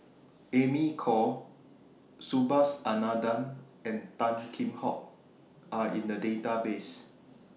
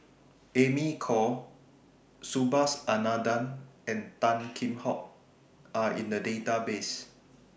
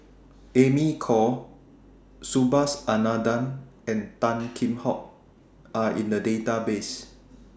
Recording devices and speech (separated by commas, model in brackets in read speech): mobile phone (iPhone 6), boundary microphone (BM630), standing microphone (AKG C214), read sentence